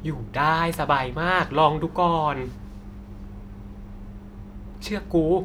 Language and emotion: Thai, happy